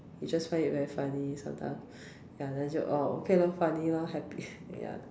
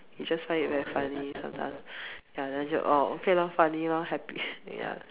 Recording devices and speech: standing microphone, telephone, conversation in separate rooms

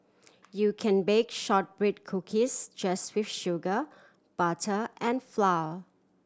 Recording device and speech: standing microphone (AKG C214), read sentence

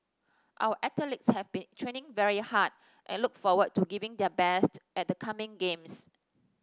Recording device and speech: standing microphone (AKG C214), read sentence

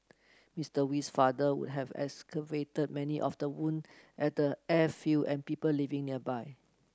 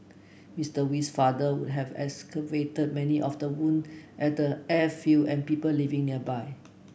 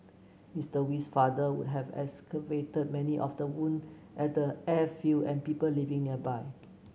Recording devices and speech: close-talking microphone (WH30), boundary microphone (BM630), mobile phone (Samsung C9), read sentence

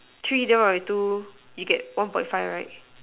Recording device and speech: telephone, conversation in separate rooms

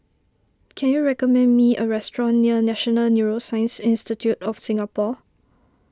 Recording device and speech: standing microphone (AKG C214), read sentence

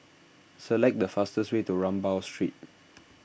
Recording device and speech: boundary microphone (BM630), read sentence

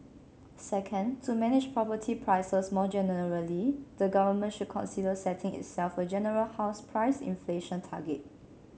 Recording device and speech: mobile phone (Samsung C7), read sentence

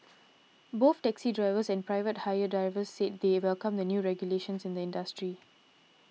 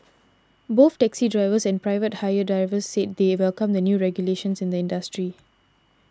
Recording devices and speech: mobile phone (iPhone 6), standing microphone (AKG C214), read sentence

